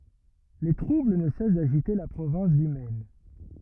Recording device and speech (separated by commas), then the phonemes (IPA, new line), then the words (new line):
rigid in-ear microphone, read sentence
le tʁubl nə sɛs daʒite la pʁovɛ̃s dy mɛn
Les troubles ne cessent d'agiter la province du Maine.